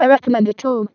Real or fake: fake